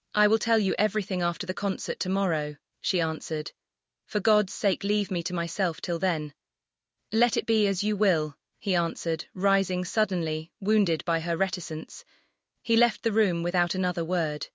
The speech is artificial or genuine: artificial